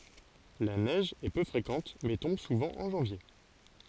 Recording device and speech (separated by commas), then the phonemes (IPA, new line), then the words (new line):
forehead accelerometer, read sentence
la nɛʒ ɛ pø fʁekɑ̃t mɛ tɔ̃b suvɑ̃ ɑ̃ ʒɑ̃vje
La neige est peu fréquente mais tombe souvent en janvier.